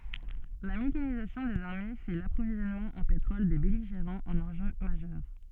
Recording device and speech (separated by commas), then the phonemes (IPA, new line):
soft in-ear microphone, read sentence
la mekanizasjɔ̃ dez aʁme fɛ də lapʁovizjɔnmɑ̃ ɑ̃ petʁɔl de bɛliʒeʁɑ̃z œ̃n ɑ̃ʒø maʒœʁ